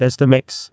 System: TTS, neural waveform model